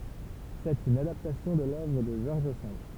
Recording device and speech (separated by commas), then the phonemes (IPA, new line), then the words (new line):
temple vibration pickup, read sentence
sɛt yn adaptasjɔ̃ də lœvʁ də ʒɔʁʒ sɑ̃d
C’est une adaptation de l’œuvre de George Sand.